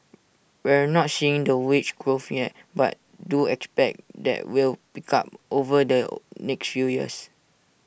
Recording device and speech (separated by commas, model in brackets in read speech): boundary microphone (BM630), read sentence